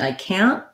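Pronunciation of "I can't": In 'I can't', the t at the end of 'can't' is not really aspirated. It is a stop T, so it is hard to hear.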